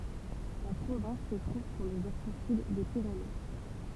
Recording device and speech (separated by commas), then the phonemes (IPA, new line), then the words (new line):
temple vibration pickup, read sentence
la pʁovɛ̃s sə tʁuv syʁ lə vɛʁsɑ̃ syd de piʁene
La province se trouve sur le versant sud des Pyrénées.